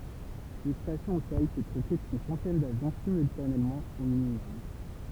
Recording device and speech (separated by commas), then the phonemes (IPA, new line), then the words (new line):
temple vibration pickup, read sentence
yn stasjɔ̃ o sɔl pø tʁɛte yn sɑ̃tɛn davjɔ̃ simyltanemɑ̃ o minimɔm
Une station au sol peut traiter une centaine d'avions simultanément au minimum.